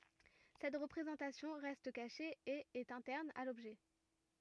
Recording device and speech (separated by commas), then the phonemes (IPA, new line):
rigid in-ear microphone, read sentence
sɛt ʁəpʁezɑ̃tasjɔ̃ ʁɛst kaʃe e ɛt ɛ̃tɛʁn a lɔbʒɛ